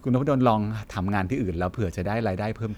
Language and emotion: Thai, neutral